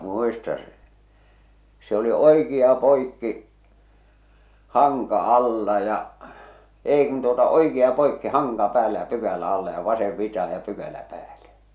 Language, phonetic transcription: Finnish, 'muistaa̰ sᴇ , se ‿oli "oikia 'poikki , 'haŋka 'alla ja , 'èi kun tuota "oikia 'poikki "haŋka 'päällä ja "pykälä 'alla ja "vasev 'vitaha ja 'pykälä 'pääle .
- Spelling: muistan se se oli oikea poikki hanka alla ja ei kun tuota oikea poikki hanka päällä ja pykälä alla ja vasen vitaan ja pykälä päälle

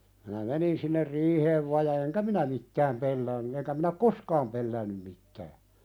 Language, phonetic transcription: Finnish, minä "menin sinner 'riiheev va ja 'eŋkä "minä mittääm 'pelläänny eŋkä mⁱnä ᵒk "koskaam pelläännym mit̆tää .
- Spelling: minä menin sinne riiheen vain ja enkä minä mitään pelännyt enkä minä ole koskaan pelännyt mitään

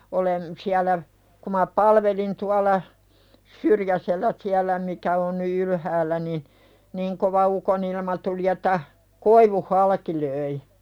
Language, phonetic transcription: Finnish, olem̳ , siälä , ku ma "palvelin tuala , "Syrjäsellää 'siälä mikä on ny "ylhäällä niɴ , "niŋ kova ukonilma tuli et̆tä , 'koivuh "halaki löi .
- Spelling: olen siellä kun minä palvelin tuolla Syrjäsellä siellä mikä on nyt ylhäällä niin niin kova ukonilma tuli että koivun halki löi

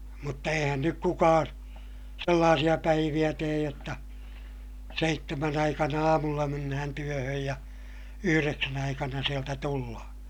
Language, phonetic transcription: Finnish, mutta eihän nyk kukaan̬ , sellaasiʲa päiviʲä teej jotta , seittemän ‿aikana aamulla mennähän työhöj ja , yhyreksän ‿aikana sieltä tullahA .
- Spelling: mutta eihän nyt kukaan sellaisia päiviä tee jotta seitsemän aikana aamulla mennään työhön ja yhdeksän aikana sieltä tullaan

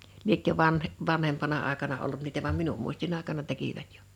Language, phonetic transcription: Finnish, liekkö 'vanh- , 'vanhempana àekana ollut niitä vam 'minum muistin ‿àekana 'tekivät ᴊᴏ .
- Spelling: lieneekö - vanhempana aikana ollut niitä vaan minun muistini aikana tekivät jo

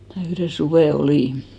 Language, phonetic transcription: Finnish, mä 'yhre "suvè 'olìn .
- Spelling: minä yhden suven olin

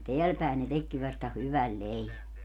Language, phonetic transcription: Finnish, ja 'teäl pä̀en ne 'tekki vasta "hyväl "leivä .
- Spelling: ja täällä päin ne tekikin vasta hyvän leivän

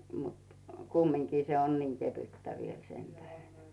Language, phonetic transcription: Finnish, mut , 'kummiŋkii se on 'niŋ kevyttä viel 'sentäheɴ .
- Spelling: mutta kumminkin se on niin kevyttä vielä sen tähden

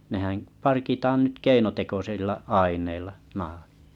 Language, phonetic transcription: Finnish, nehää̰ , 'parkitaan nyt 'keinotekosilla 'aiǹeilla , 'nahᴀt .
- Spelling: nehän parkitaan nyt keinotekoisilla aineilla nahat

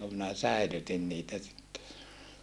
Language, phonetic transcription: Finnish, (ku) minä säilytin niitä sitte .
- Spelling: kun minä säilytin niitä sitten

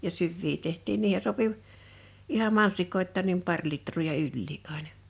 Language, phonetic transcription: Finnish, ja 'syvvii 'teht̀iin 'niihe sopi , iham 'mansikoit̆taan nim 'par 'litr̀oo ja "yĺlii’ ’aina .
- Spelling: ja syviä tehtiin niihin sopi ihan mansikoitakin niin pari litraa ja ylikin aina

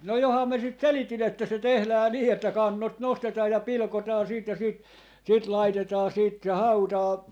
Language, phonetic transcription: Finnish, no 'joham mä 'sit "seliti'n ‿että se 'tehlää 'nii että "kannot 'nostetaa ja 'pilᵒkotaa siit ja siit , 'sit 'laitetaa siit se "hautaa ,.
- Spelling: no johan minä sitä selitin että se tehdään niin että kannot nostetaan ja pilkotaan siitä ja siitä sitten laitetaan siitä se hautaan

